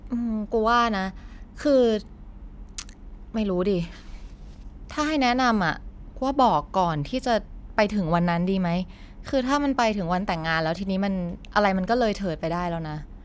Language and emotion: Thai, frustrated